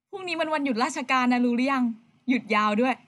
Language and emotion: Thai, happy